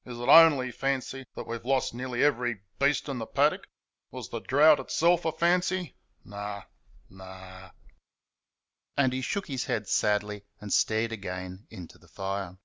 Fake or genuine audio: genuine